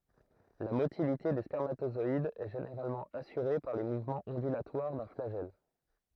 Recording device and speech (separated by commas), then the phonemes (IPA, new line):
throat microphone, read sentence
la motilite de spɛʁmatozɔidz ɛ ʒeneʁalmɑ̃ asyʁe paʁ le muvmɑ̃z ɔ̃dylatwaʁ dœ̃ flaʒɛl